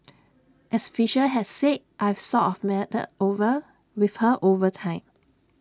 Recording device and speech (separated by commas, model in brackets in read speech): standing microphone (AKG C214), read sentence